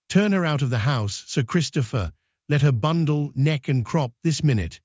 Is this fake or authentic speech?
fake